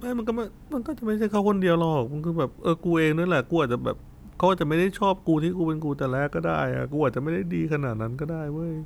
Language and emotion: Thai, sad